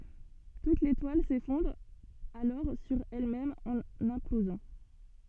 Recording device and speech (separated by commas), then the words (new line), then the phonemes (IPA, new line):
soft in-ear microphone, read sentence
Toute l'étoile s'effondre alors sur elle-même en implosant.
tut letwal sefɔ̃dʁ alɔʁ syʁ ɛlmɛm ɑ̃n ɛ̃plozɑ̃